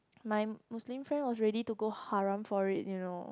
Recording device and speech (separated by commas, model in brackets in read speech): close-talking microphone, conversation in the same room